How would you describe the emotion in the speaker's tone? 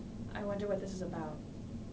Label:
neutral